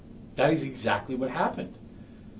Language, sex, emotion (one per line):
English
male
neutral